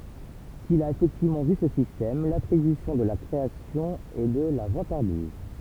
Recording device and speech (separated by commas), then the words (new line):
temple vibration pickup, read sentence
S'il a effectivement vu ce système, l'attribution de la création est de la vantardise.